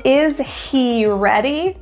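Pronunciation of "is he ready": In 'is he ready', the h sound of 'he' is dropped.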